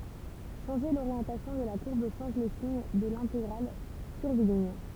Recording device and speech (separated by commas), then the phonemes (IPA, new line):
temple vibration pickup, read sentence
ʃɑ̃ʒe loʁjɑ̃tasjɔ̃ də la kuʁb ʃɑ̃ʒ lə siɲ də lɛ̃teɡʁal kyʁviliɲ